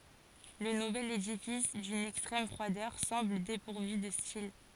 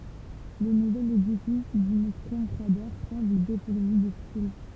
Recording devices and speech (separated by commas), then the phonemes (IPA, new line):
forehead accelerometer, temple vibration pickup, read sentence
lə nuvɛl edifis dyn ɛkstʁɛm fʁwadœʁ sɑ̃bl depuʁvy də stil